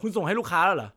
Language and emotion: Thai, angry